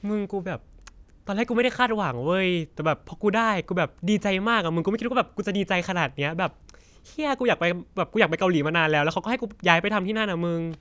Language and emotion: Thai, happy